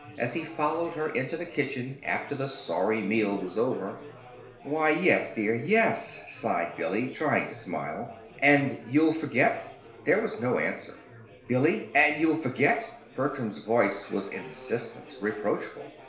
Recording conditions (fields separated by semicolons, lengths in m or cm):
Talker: one person; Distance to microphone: 1.0 m; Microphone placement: close; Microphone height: 1.1 m; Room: small (3.7 m by 2.7 m); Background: babble